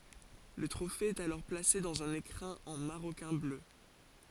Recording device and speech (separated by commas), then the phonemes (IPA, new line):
forehead accelerometer, read sentence
lə tʁofe ɛt alɔʁ plase dɑ̃z œ̃n ekʁɛ̃ ɑ̃ maʁokɛ̃ blø